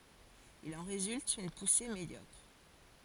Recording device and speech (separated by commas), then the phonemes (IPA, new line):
forehead accelerometer, read sentence
il ɑ̃ ʁezylt yn puse medjɔkʁ